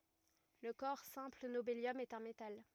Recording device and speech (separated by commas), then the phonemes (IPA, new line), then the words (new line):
rigid in-ear microphone, read sentence
lə kɔʁ sɛ̃pl nobeljɔm ɛt œ̃ metal
Le corps simple nobélium est un métal.